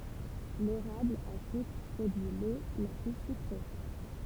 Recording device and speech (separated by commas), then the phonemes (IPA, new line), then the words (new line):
temple vibration pickup, read sentence
leʁabl a sykʁ pʁodyi lo la ply sykʁe
L'érable à sucre produit l'eau la plus sucrée.